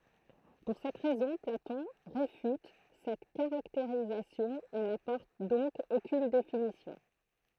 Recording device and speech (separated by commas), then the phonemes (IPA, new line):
throat microphone, read sentence
puʁ sɛt ʁɛzɔ̃ platɔ̃ ʁefyt sɛt kaʁakteʁizasjɔ̃ e napɔʁt dɔ̃k okyn definisjɔ̃